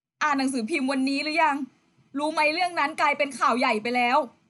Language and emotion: Thai, frustrated